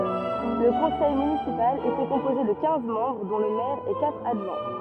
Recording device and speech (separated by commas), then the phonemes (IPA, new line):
rigid in-ear microphone, read sentence
lə kɔ̃sɛj mynisipal etɛ kɔ̃poze də kɛ̃z mɑ̃bʁ dɔ̃ lə mɛʁ e katʁ adʒwɛ̃